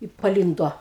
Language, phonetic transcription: Lithuanian, i paˈlynduo

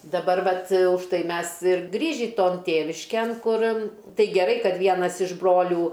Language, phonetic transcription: Lithuanian, daˈbar ˈvat užˈtai ˈmes ir ˈgrįžį ˈton ˈtėvišken ˈkur ˈtai geˈrai ˈkad ˈvienas iš ˈbrolių

